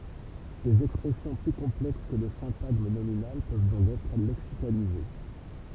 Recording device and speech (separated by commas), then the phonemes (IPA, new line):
temple vibration pickup, read sentence
dez ɛkspʁɛsjɔ̃ ply kɔ̃plɛks kə lə sɛ̃taɡm nominal pøv dɔ̃k ɛtʁ lɛksikalize